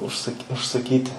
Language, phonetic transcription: Lithuanian, užˈsak' užsaˈkyti

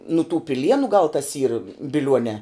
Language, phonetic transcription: Lithuanian, nu tų piˈlienu gal tas yr biˈliuonē

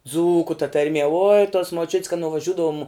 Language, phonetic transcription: Lithuanian, ˈdzūku ta tarˈmie oi tos moˈčiut's kad nuvaˈžiudavum

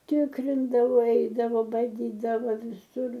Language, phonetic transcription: Lithuanian, ˈtikrindavo ˈeidavo baˈdydavo viˈsur

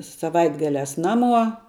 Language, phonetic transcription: Lithuanian, saˈvaitgaliās ˈnaˌmuo

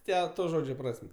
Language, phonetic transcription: Lithuanian, ˈte ˈto ˈžodžio ˈpras'm'

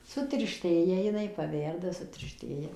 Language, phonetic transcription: Lithuanian, sutirˈštėja jiˈnai paˈverda sutirˈštėja

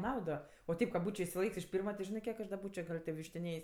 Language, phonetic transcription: Lithuanian, ˈnaudo o ˈteip ka ˈbūčio išsiˈlaik's' iš ˈpyrma ˈžinɜ ˈkiek aš da ˈbūčio gal tė vištiˈnėjs'

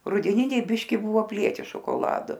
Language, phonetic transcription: Lithuanian, rudeˈniniai ˈbiški ˈbuvo apˈlieti šokoˈladu

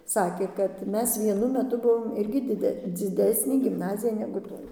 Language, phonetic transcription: Lithuanian, ˈsakė kad ˈmes vieˈnu meˈtu ˈbuvom ˈirgi diˈde dziˈdesnė gimˈnazija negu ˈtoj

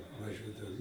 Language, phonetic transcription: Lithuanian, vaˈžiuodavo

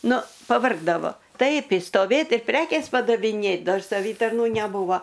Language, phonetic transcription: Lithuanian, ˈnu paˈvargdavo ˈtaip išstoˈvėt ir ˈprekės padaviˈnėt ˈdar saˈvytarnų neˈbūvo

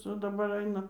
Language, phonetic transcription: Lithuanian, ˈca daˈbar ˈaina

